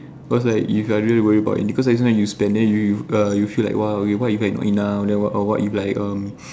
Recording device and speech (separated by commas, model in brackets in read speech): standing microphone, conversation in separate rooms